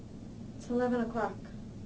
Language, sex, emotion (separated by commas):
English, female, neutral